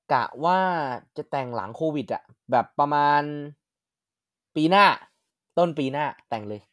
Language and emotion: Thai, happy